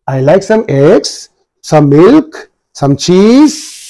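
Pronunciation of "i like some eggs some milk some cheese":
The voice goes up on each item in the list: 'eggs', 'milk' and 'cheese' all have a rising intonation.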